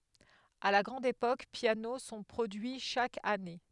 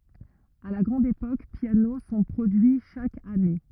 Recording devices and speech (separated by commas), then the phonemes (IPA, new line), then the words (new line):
headset microphone, rigid in-ear microphone, read sentence
a la ɡʁɑ̃d epok pjano sɔ̃ pʁodyi ʃak ane
À la grande époque, pianos sont produits chaque année.